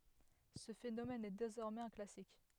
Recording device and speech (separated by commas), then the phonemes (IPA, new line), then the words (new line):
headset microphone, read sentence
sə fenomɛn ɛ dezɔʁmɛz œ̃ klasik
Ce phénomène est désormais un classique.